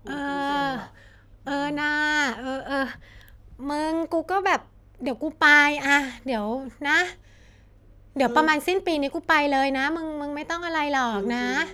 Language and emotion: Thai, frustrated